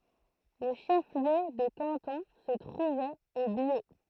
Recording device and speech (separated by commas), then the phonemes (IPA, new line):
throat microphone, read sentence
lə ʃəfliø də kɑ̃tɔ̃ sə tʁuvɛt o bjo